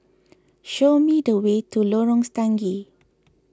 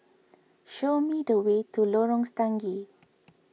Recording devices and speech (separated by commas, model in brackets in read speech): close-talking microphone (WH20), mobile phone (iPhone 6), read sentence